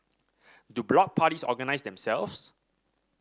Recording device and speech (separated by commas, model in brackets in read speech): standing microphone (AKG C214), read sentence